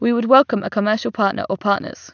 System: none